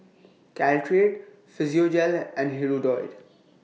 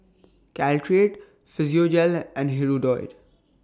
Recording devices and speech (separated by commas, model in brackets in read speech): mobile phone (iPhone 6), standing microphone (AKG C214), read sentence